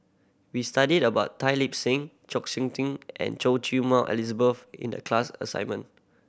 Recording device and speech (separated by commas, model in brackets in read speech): boundary microphone (BM630), read sentence